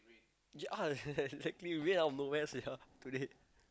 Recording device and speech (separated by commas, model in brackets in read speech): close-talking microphone, conversation in the same room